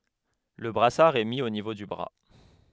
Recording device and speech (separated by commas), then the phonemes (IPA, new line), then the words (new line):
headset microphone, read sentence
lə bʁasaʁ ɛ mi o nivo dy bʁa
Le brassard est mis au niveau du bras.